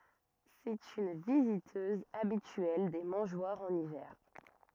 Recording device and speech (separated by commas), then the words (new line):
rigid in-ear microphone, read sentence
C'est une visiteuse habituelle des mangeoires en hiver.